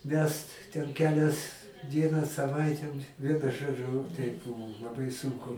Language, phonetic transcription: Lithuanian, ˈvest ten ˈkelias ˈdieną saˈvaite ˈvienu ˈžodžu teip ˈbuvu laˈbai ˈsunku

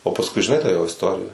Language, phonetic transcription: Lithuanian, o pasˈkui žiˈnai tą ˈjo isˈtorija

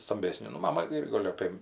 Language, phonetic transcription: Lithuanian, stamˈbesnė nu ˈmama ˈir ˈgol' ˈapė

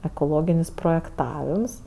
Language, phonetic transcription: Lithuanian, ekoˈloginis projekˈtavims

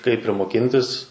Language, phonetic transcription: Lithuanian, kaip ir moˈkintis

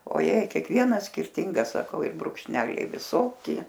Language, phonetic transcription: Lithuanian, oˈjei kiekˈvienas skirˈtingas saˈkau i brukšˈneliai viˈsoki

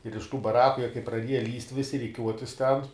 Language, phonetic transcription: Lithuanian, ir iš tų baˈraku jie kai praˈdieja lįst' ˈvisi riˈkiuotis ten

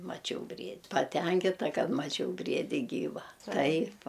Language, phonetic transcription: Lithuanian, maˈčiau ˈbried' paˈtenkita ˈkad maˈčiau ˈbriedi ˈgyva ˈtaip

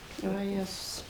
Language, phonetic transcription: Lithuanian, vaˈjezus

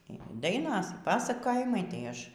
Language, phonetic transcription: Lithuanian, y ˈdainos y ˈpasakojimai tai ˈaš

